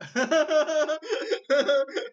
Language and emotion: Thai, happy